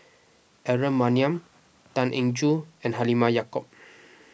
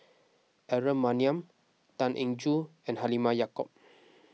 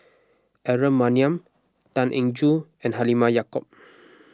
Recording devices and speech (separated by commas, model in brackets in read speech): boundary microphone (BM630), mobile phone (iPhone 6), close-talking microphone (WH20), read sentence